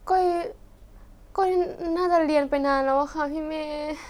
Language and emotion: Thai, sad